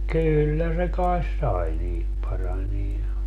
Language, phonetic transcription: Finnish, 'kyllä se kaes "sai niit 'paranie ja ,.
- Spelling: kyllä se kai sai niitä paranemaan ja

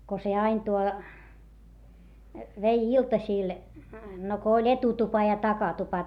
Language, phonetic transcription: Finnish, ko se ain tuo , vei iltasìl , no ko oĺ etutupa ja takatupa .
- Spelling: kun se aina tuo vei iltasilla no kun oli etutupa ja takatupa

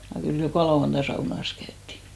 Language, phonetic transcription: Finnish, ja kyl 'jokà lauanta 'saunas käytti .
- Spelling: ja kyllä joka lauantai saunassa käytiin

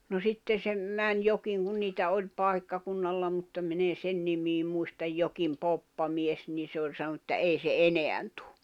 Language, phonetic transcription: Finnish, no 'sitte se , 'män 'jokiŋ kun niitä 'oĺ 'pàikkakunnalla mutta min ‿e 'sen nimii muistaj 'jokim 'poppamies 'nii se oĺ sanᵒnu ‿ᵉttä » 'èi se "eneän tᴜ « .
- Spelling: no sitten se meni jokin kun niitä oli paikkakunnalla mutta minä en sen nimeä muista jokin poppamies niin se oli sanonut että ei se enää tule

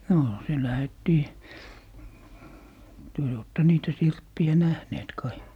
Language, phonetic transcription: Finnish, 'nò , se 'lähettii , 'työ jo ootte "niitä 'sirppi₍ä "nähneet kai .
- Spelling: no se lähdettiin te jo olette niitä sirppejä nähneet kai

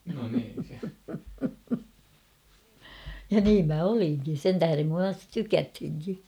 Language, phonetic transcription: Finnish, ja 'niim mä 'oliŋki ; sen tähärem (musta) "tykäthiŋki .
- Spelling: ja niin minä olinkin sen tähden minusta tykättiinkin

